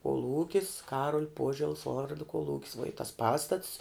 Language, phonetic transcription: Lithuanian, koˈlūkis ˈkaruol' ˈpuožels ˈvordo koˈlūkis vuo i tas ˈpastats

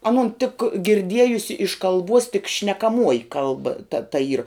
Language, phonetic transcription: Lithuanian, aˈnun tik girˈdiejusi iš kalˈbuos tik šnekaˈmuoji ˈkalba ta ta yr

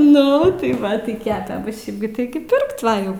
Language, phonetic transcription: Lithuanian, nu tai ˈva tai ˈkepe ˈbu ˈšiaip gi ˈtigi ˈpirkt ˈva jau

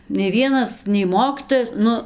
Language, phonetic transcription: Lithuanian, nei ˈvienas nei ˈmokytojas ˈnu

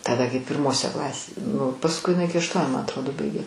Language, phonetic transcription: Lithuanian, taˈda kai pirˈmose ˈklasėse nu pasˈkui iˈnai ˈiki ašˈtuoniu ma atˈrodo ˈbaigė

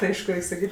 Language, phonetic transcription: Lithuanian, ti ˈaišku ˈreik' saˈkyt'

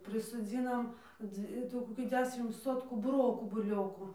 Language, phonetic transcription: Lithuanian, prisoˈdzynam po ˈdzvi iˈtų koˈki ˈdešim ˈsotkų buˈrokų buˈlioku

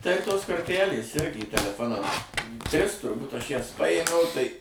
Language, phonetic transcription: Lithuanian, tai ˈtos korˈtælės ˈirgi teleˈfonam ˈtris turˈbūt ˈaš ˈjas ˈpajėmiau ˈtai

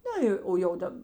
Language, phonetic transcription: Lithuanian, ˈna jo o jau ˈdab

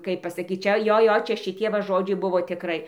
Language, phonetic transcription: Lithuanian, ˈkaip pasaˈkyt ˈčia ˈjo ˈjo ˈčia šiˈtie va ˈžodžiai ˈbuvo tiˈkrai

